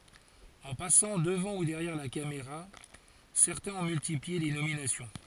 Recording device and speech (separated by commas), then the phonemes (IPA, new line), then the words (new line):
forehead accelerometer, read sentence
ɑ̃ pasɑ̃ dəvɑ̃ u dɛʁjɛʁ la kameʁa sɛʁtɛ̃z ɔ̃ myltiplie le nominasjɔ̃
En passant devant ou derrière la caméra, certains ont multiplié les nominations.